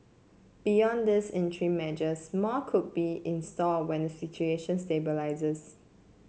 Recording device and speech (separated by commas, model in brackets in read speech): mobile phone (Samsung C7), read sentence